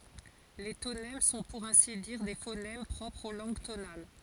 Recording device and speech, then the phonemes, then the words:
forehead accelerometer, read sentence
le tonɛm sɔ̃ puʁ ɛ̃si diʁ de fonɛm pʁɔpʁz o lɑ̃ɡ tonal
Les tonèmes sont pour ainsi dire des phonèmes propres aux langues tonales.

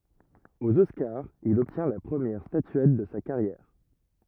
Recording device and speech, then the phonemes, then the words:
rigid in-ear microphone, read sentence
oz ɔskaʁz il ɔbtjɛ̃ la pʁəmjɛʁ statyɛt də sa kaʁjɛʁ
Aux Oscars, il obtient la première statuette de sa carrière.

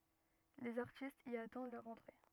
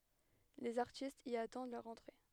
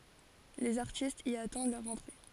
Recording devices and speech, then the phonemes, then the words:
rigid in-ear microphone, headset microphone, forehead accelerometer, read sentence
lez aʁtistz i atɑ̃d lœʁ ɑ̃tʁe
Les artistes y attendent leur entrée.

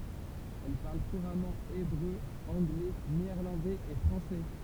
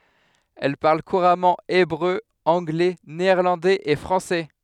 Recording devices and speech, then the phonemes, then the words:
temple vibration pickup, headset microphone, read sentence
ɛl paʁl kuʁamɑ̃ ebʁø ɑ̃ɡlɛ neɛʁlɑ̃dɛz e fʁɑ̃sɛ
Elle parle couramment hébreu, anglais, néerlandais et français.

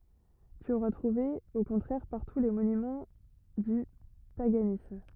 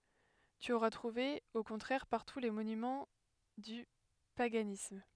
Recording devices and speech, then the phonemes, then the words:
rigid in-ear microphone, headset microphone, read sentence
ty oʁa tʁuve o kɔ̃tʁɛʁ paʁtu le monymɑ̃ dy paɡanism
Tu auras trouvé au contraire partout les monuments du paganisme.

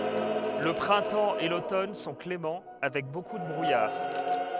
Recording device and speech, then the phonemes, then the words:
headset microphone, read sentence
lə pʁɛ̃tɑ̃ e lotɔn sɔ̃ klemɑ̃ avɛk boku də bʁujaʁ
Le printemps et l'automne sont cléments, avec beaucoup de brouillard.

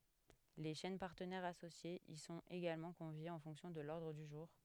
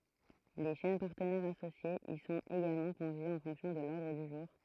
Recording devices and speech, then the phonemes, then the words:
headset microphone, throat microphone, read sentence
le ʃɛn paʁtənɛʁz asosjez i sɔ̃t eɡalmɑ̃ kɔ̃vjez ɑ̃ fɔ̃ksjɔ̃ də lɔʁdʁ dy ʒuʁ
Les chaînes partenaires associées y sont également conviées en fonction de l'ordre du jour.

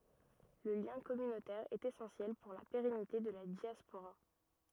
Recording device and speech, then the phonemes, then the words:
rigid in-ear microphone, read sentence
lə ljɛ̃ kɔmynotɛʁ ɛt esɑ̃sjɛl puʁ la peʁɛnite də la djaspoʁa
Le lien communautaire est essentiel pour la pérennité de la diaspora.

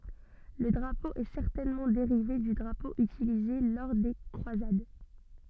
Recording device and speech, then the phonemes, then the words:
soft in-ear microphone, read sentence
lə dʁapo ɛ sɛʁtɛnmɑ̃ deʁive dy dʁapo ytilize lɔʁ de kʁwazad
Le drapeau est certainement dérivé du drapeau utilisé lors des croisades.

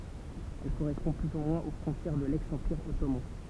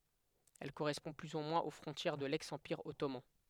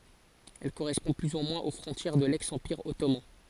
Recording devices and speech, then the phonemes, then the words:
temple vibration pickup, headset microphone, forehead accelerometer, read sentence
ɛl koʁɛspɔ̃ ply u mwɛ̃z o fʁɔ̃tjɛʁ də lɛks ɑ̃piʁ ɔtoman
Elle correspond plus ou moins aux frontières de l'ex-Empire ottoman.

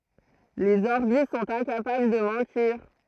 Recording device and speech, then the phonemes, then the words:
throat microphone, read sentence
lez ɔʁbi sɔ̃t ɛ̃kapabl də mɑ̃tiʁ
Les Orbies sont incapables de mentir.

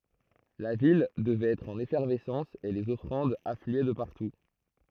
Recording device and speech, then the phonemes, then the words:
throat microphone, read sentence
la vil dəvɛt ɛtʁ ɑ̃n efɛʁvɛsɑ̃s e lez ɔfʁɑ̃dz aflyɛ də paʁtu
La ville devait être en effervescence et les offrandes affluaient de partout.

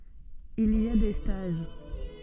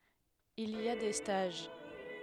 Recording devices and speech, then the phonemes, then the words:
soft in-ear microphone, headset microphone, read sentence
il i a de staʒ
Il y a des stages.

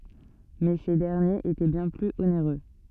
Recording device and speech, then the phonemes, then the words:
soft in-ear microphone, read sentence
mɛ se dɛʁnjez etɛ bjɛ̃ plyz oneʁø
Mais ces derniers étaient bien plus onéreux.

